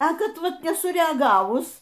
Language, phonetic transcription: Lithuanian, a ˈkad ˈvat nesureaˈgavus

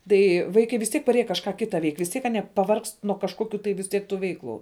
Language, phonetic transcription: Lithuanian, ˈtai ˈvaikai vis ˈtiek paˈrėje kažˈką ˈkita veik' vis ˈtiek aˈnie paˈvargst nuo kažˈkokiu tai vis ˈtiek ˈtų ˈveiklu

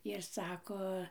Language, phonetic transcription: Lithuanian, ir ˈsako

